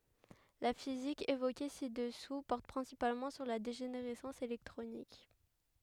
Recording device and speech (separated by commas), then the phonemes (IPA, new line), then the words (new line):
headset microphone, read sentence
la fizik evoke si dəsu pɔʁt pʁɛ̃sipalmɑ̃ syʁ la deʒeneʁɛsɑ̃s elɛktʁonik
La physique évoquée ci-dessous porte principalement sur la dégénérescence électronique.